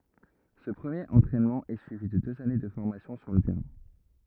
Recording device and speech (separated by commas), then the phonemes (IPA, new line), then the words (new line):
rigid in-ear microphone, read sentence
sə pʁəmjeʁ ɑ̃tʁɛnmɑ̃ ɛ syivi də døz ane də fɔʁmasjɔ̃ syʁ lə tɛʁɛ̃
Ce premier entraînement est suivi de deux années de formation sur le terrain.